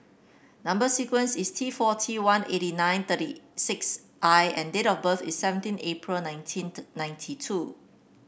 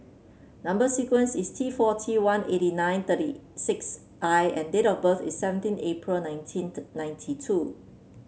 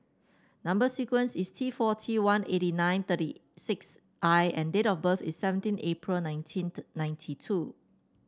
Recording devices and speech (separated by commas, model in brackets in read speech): boundary microphone (BM630), mobile phone (Samsung C7), standing microphone (AKG C214), read sentence